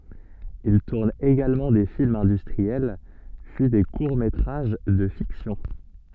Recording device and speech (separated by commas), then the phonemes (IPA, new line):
soft in-ear microphone, read sentence
il tuʁn eɡalmɑ̃ de filmz ɛ̃dystʁiɛl pyi de kuʁ metʁaʒ də fiksjɔ̃